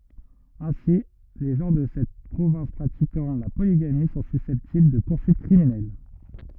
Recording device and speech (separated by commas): rigid in-ear microphone, read sentence